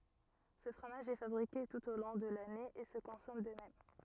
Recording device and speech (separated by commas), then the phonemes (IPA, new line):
rigid in-ear microphone, read sentence
sə fʁomaʒ ɛ fabʁike tut o lɔ̃ də lane e sə kɔ̃sɔm də mɛm